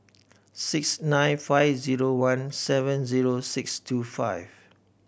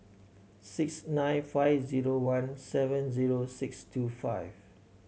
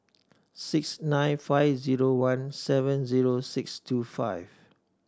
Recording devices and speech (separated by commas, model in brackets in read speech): boundary microphone (BM630), mobile phone (Samsung C7100), standing microphone (AKG C214), read sentence